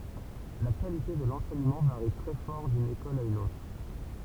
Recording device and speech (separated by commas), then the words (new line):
temple vibration pickup, read sentence
La qualité de l'enseignement varie très fort d'une école à une autre.